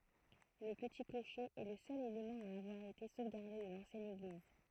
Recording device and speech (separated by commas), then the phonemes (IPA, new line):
throat microphone, read sentence
lə pəti kloʃe ɛ lə sœl elemɑ̃ a avwaʁ ete sovɡaʁde də lɑ̃sjɛn eɡliz